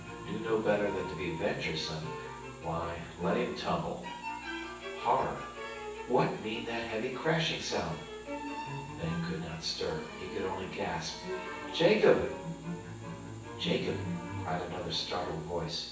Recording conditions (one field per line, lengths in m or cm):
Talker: one person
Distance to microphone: 9.8 m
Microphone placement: far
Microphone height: 1.8 m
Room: large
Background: music